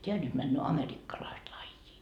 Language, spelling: Finnish, tämä nyt menee amerikkalaista lajia
- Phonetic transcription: 't́eä nyt männö 'amerikkalaist 'laijjii .

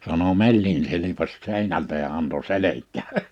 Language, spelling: Finnish, sanoi mellin silpaisi seinältä ja antoi selkään
- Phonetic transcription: sano » 'mellin silipas 'sèinältä ja anto 'selek̆kää « .

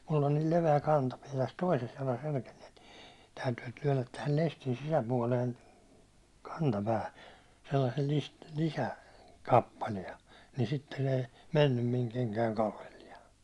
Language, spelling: Finnish, minulla on niin leveä kantapää tässä toisessa jalassa etenkin täytyy työntää tähän lestin sisäpuolen kantapäähän sellaisella - - lisäkappale niin sitten ei mennyt minun kenkäni kallelleen
- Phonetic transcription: mull ‿on nil 'leve₍ä 'kantapiɛ täs 'toises jalas (etenkin) , täytyy työnnät tähäl 'lestin 'sisäpuålen , 'kantapää(hä) , sellasel list- , lisä- , -'kappaliɛ , ni sitten ei , 'mennym miŋ 'keŋkäiŋ 'kallelliɛ .

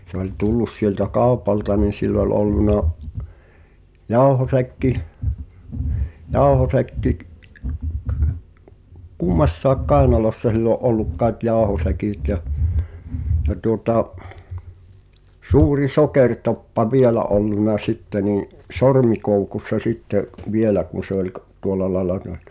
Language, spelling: Finnish, se oli tullut sieltä kaupalta niin sillä oli ollut jauhosäkki jauhosäkki - kummassakin kainalossa sillä oli ollut kai jauhosäkit ja ja tuota suuri sokeritoppa vielä ollut sitten niin sormikoukussa sitten vielä kun se oli - tuolla lailla ne oli
- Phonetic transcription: se ‿oĺ 'tullus siĕltä "kàu̬p̀alta nì sill ‿ol 'olluna , 'jauhosäkki , 'jauhosäkki k- , "kummassaaᵉk 'kài̬nalossa sill ‿o’ '’olluk kaĕt 'jàohosäkìt jä , ja tuŏta , 'suuri 'sokertoppa "vielä ’olluna 'sitte nì’ , "sormikoukussa sitte’ , 'vielä kun̬ se ‿oĺ k- , 'tuola laĕla (nᵉ ‿ol) .

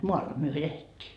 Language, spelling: Finnish, maalla me elettiin
- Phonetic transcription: "moalla myö 'elet́t́ii .

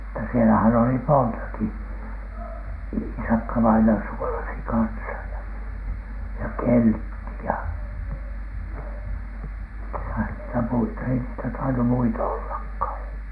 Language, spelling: Finnish, mutta siellähän oli montakin Iisakka-vainaja suolasi kanssa ja ja Keltti ja ketäs niitä muita ei niitä tainnut muita ollakaan kai
- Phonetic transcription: mutta sielähän oli "montaki , "Iisakkavaina suolasi 'kansa ja , ja "Keltti ja , 'ketäs niitä "muita , ei niitä tainu "muita ollak ‿kai .

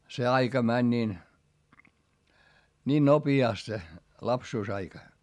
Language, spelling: Finnish, se aika meni niin niin nopeasti se lapsuusaika
- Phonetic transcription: se aika mäń niin , ńiin nopi₍àst se , lapsuusaika .

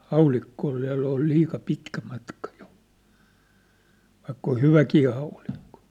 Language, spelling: Finnish, haulikko oli vielä oli liian pitkä matka jo vaikka on hyväkin haulikko
- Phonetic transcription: 'haulikko ol (viä̭ll ‿)ol 'liika 'pitkä matka jo , vaikka oʰ "hyväkii haulikkᴏ .

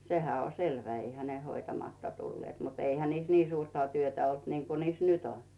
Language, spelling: Finnish, sehän on selvä eihän ne hoitamatta tulleet mutta eihän niissä niin suurta työtä ollut niin kuin niissä nyt on
- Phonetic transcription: 'sehä o "selvä , 'eihä ne "hoitamatta 'tulleet mut 'eihä niis 'nii suurta työtä olt niŋku niis "nyt ‿on .

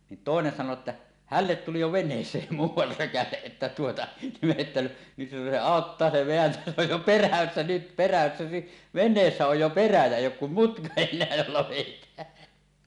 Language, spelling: Finnish, niin toinen sanoi että hänelle tuli jo veneeseen muuan rökäle että tuota me että nyt se auttaa se vääntää se on jo perässä nyt perässä niin veneessä on jo perä ja ei ole kuin mutka enää jolla vedetään
- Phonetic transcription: nin 'tòenen 'sano että , "hället 'tuli jo "ven̆nees̀eem "muuw̆war 'rökäleˀ 'ˀettä tuota , me että , nyt se "àottaa se 'veäntä se ‿oj jo "perässä nyt 'perässä ni , "ven̆neessä oj jo 'perä jä "èij̆j ‿ook kum "mutka en̆neä jolla 'vèit̀ään .

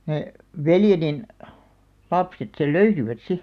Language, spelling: Finnish, ne veljeni lapset sen löysivät sitten
- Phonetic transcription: neʰ , "veljenin , 'lapset sel "löysivät 'si .

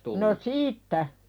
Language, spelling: Finnish, no siitä
- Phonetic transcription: no "siittä .

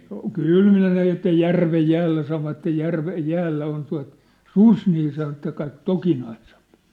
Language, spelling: Finnish, kyllä ne sen että järven jäällä sanoivat järven jäällä on tuo susi niin sanoi että kaikki tokinaisempi
- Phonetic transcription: kyl ne ('sen ‿)että "järvej "jäällä sanovattej 'järvej 'jäällä on tua̭t , "sus nii sano ĕt kaik "tokinaisᴇᴍp .

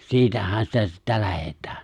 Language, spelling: Finnish, siitähän sitä sitten lähdetään
- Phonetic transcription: 'siitähän sitä sittä 'lähet̀ᴀ̈ᴀ̈ .

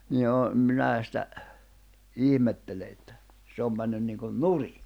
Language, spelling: Finnish, niin jo minä sitä ihmettelen että se on mennyt niin kuin nurin
- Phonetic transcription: 'ni jo , 'minää sⁱtä , 'ihmettele että , se om männyn niiŋkun "nuri .

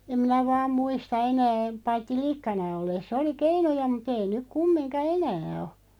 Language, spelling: Finnish, en minä vain muista enää paitsi likkana ollessa oli keinuja mutta ei nyt kumminkaan enää ole
- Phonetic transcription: em 'minä 'vaam 'muista 'enää , 'paitti "likkana 'olles'ˢ ‿oli "keinuja mu't ‿ei 'nyk "kummiŋka "enää o .

